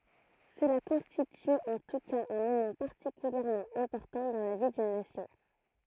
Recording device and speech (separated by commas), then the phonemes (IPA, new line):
throat microphone, read sentence
səla kɔ̃stity ɑ̃ tu kaz œ̃ momɑ̃ paʁtikyljɛʁmɑ̃ ɛ̃pɔʁtɑ̃ dɑ̃ la vi dyn nasjɔ̃